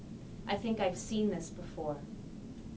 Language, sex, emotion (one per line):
English
female
neutral